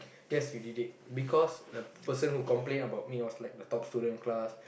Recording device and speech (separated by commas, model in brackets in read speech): boundary microphone, conversation in the same room